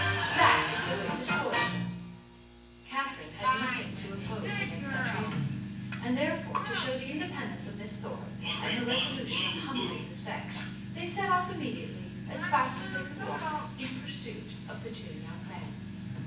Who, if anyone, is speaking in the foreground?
One person.